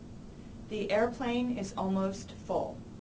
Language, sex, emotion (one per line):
English
female
neutral